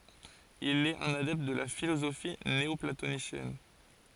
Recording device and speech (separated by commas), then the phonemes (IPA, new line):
forehead accelerometer, read sentence
il ɛt œ̃n adɛpt də la filozofi neɔplatonisjɛn